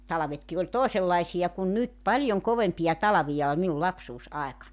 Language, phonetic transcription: Finnish, 'talᵃvetki oĺ "tòesellaisiʲa kun "nyt 'paljoŋ 'kovempija "talavija ol minul "lapsuus₍"aekannań .
- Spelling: talvetkin oli toisenlaisia kuin nyt paljon kovempia talvia oli minun lapsuusaikanani

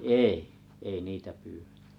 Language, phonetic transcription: Finnish, èi , ei 'nitä pyyvetᴀ̈ .
- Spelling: ei ei niitä pyydetä

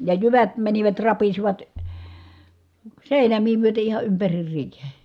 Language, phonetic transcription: Finnish, ja jyvät mänivät rapisivat , sèinämii myöte iha ympärir riihe .
- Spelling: ja jyvät menivät rapisivat seinämiä myöten ihan ympäri riihen

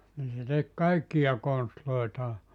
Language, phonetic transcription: Finnish, nii se 'tek 'kaikkija 'konstloitaa .
- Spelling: niin se teki kaikkia konstejaan

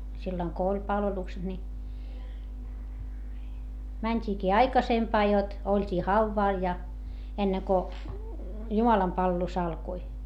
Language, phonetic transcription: Finnish, silloŋ ko oĺ palvelukset ni , mäńt́iikii aikasempaa jot , oĺt́ii hauvvàl ja , enneŋ ko , jumalampalvelus ‿alkoi .
- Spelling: silloin kun oli palvelukset niin mentiinkin aikaisempaan jotta oltiin haudalla ja ennen kuin jumalanpalvelus alkoi

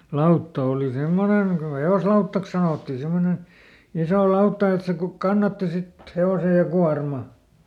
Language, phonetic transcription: Finnish, ˈlautta òli "semmoneŋ ko "he₍oslauttaks sanottii ˈsimmonen̬ , ˈisò ˈlautta et se ku- , ˈkannatti sit , "he₍ose ja "kuarma .
- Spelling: lautta oli semmoinen kun hevoslautaksi sanottiin semmoinen iso lautta että se - kannatti sitten hevosen ja kuorman

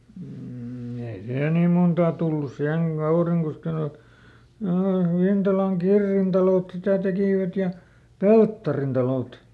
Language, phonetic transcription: Finnish, m̥ ei ˈsè nìm ˈmontaa tullus ˈsiheŋ ˈGauriŋkoskel(aka) , ööh ˈVintalaŋ "Kirrin talòt sitä ˈtekìvät ja , "Pelttarin talòt .
- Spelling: mm ei se niin montaa tullut siihen Kaurinkoskellekaan - Vintalan Kirrin talot sitä tekivät ja Pelttarin talot

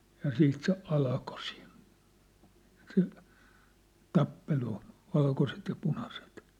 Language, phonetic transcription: Finnish, ja 'siit se 'alko siin , se , "tappelu , 'valkoset ja 'punaset .
- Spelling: ja siitä se alkoi siinä se tappelu valkoiset ja punaiset

